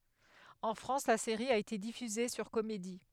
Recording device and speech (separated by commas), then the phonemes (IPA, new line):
headset microphone, read sentence
ɑ̃ fʁɑ̃s la seʁi a ete difyze syʁ komedi